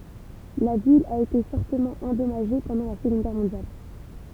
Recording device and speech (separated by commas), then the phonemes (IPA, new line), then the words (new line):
temple vibration pickup, read sentence
la vil a ete fɔʁtəmɑ̃ ɑ̃dɔmaʒe pɑ̃dɑ̃ la səɡɔ̃d ɡɛʁ mɔ̃djal
La ville a été fortement endommagée pendant la Seconde Guerre mondiale.